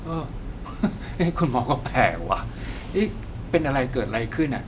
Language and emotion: Thai, frustrated